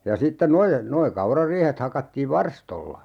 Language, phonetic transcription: Finnish, ja 'sitte 'noje- , noi 'kaurariihet 'hakattiiv "varstolla .
- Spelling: ja sitten - nuo kaurariihet hakattiin varstoilla

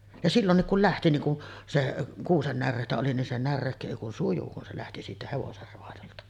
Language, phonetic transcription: Finnish, ja 'sillonnik kul 'lähti niŋ ku , se’ , 'kuusen 'närrèitä oli nin se 'närrèikkö èi kun "suju kun se lähti 'siitä 'hevoser roajolta .
- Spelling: ja silloinkin kun lähti niin kun se kuusen näreitä oli niin se näreikkö ei kuin sujui kun se lähti siitä hevosen raadolta

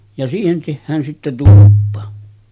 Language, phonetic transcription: Finnish, ja siihen tehhään sitte 'tuluppa .
- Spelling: ja siihen tehdään sitten tulppa

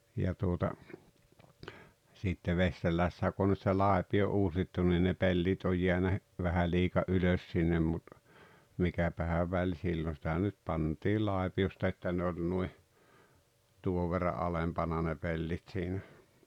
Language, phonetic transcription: Finnish, ja tuota , sitte 'Vesterlässä kᵘ ‿on nyt se "làepi₍o 'uusittu nii ne "pellit oj 'jeänä , vähä 'liika "’ylös sinnem mut , 'mikäpähä väĺ 'sill ‿on̬ sⁱtä nyt 'pant̀ii "làepi₍osta että ne oĺ nui , 'tuov verra "’alempana ne 'pellit siinä .
- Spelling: ja tuota sitten Vesterlässä kun on nyt se laipio uusittu niin ne pellit on jäänyt vähän liika ylös sinne mutta mikäpähän väli sillä on sitä nyt pantiin laipiosta että ne oli noin tuon verran alempana ne pellit siinä

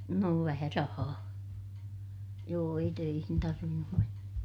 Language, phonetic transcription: Finnish, noo vähä rahaa , joo ei töihin tarvinnum mennä .
- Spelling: no vähän rahaa joo ei töihin tarvinnut mennä

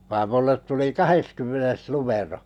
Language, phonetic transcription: Finnish, vaam 'mullet tuli "kaheskymmenes numero .
- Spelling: vaan minulle tuli kahdeskymmenes numero

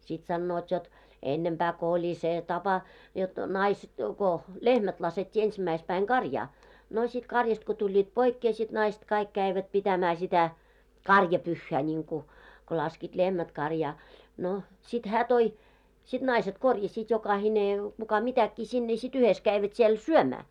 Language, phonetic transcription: Finnish, sit sannoot jot , 'ennempää ko oĺi 'sè 'tapa , jot 'nais- ko- "lehmät laset́t́ii 'ensimäispäiŋ "ɢarjaa , no sit 'karjast ko tuĺĺiit 'poikkee sit 'naist kaik käivät 'pitämää sitä , "karjapyhhää ńiŋku , ko laskiit 'lehmät karjaa , no , sit 'hää toi , 'sit 'naiset korjasiit jokahine , kuka 'mitäkkii sinne sit 'yhes 'käivät siel "syömää .
- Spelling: sitten sanovat jotta ennempää kun oli se tapa jotta - kun lehmät laskettiin ensimmäispäivänä karjaan no sitten karjasta kun tulivat poikkeen sitten naista kaikki kävivät pitämään sitä karjapyhää niin kuin kun laskivat lehmät karjaan no sitten hän toi sitten naiset korjasivat jokainen kuka mitäkin sinne sitten yhdessä kävivät siellä syömään

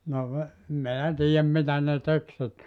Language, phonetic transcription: Finnish, no ve- , (em) meä 'tiijäm 'mitä ne 'tek sit .
- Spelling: no - en minä tiedä mitä ne teki sitten

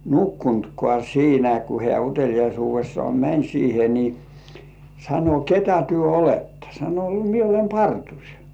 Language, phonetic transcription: Finnish, nukkuntkŏà 'siinä ku hĕä̀ 'utel̜ijaisuuvessŏà "mäń siihe ni , sano » "ketä 'työ "olettᴀ « sano » 'mie olem "partuŕ « .
- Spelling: nukkunutkaan siinä kun hän uteliaisuudessaan meni siihen niin sanoi ketä te olette sanoi minä olen parturi

